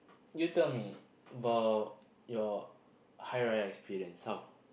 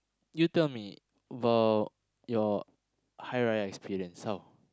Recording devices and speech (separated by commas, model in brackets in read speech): boundary microphone, close-talking microphone, conversation in the same room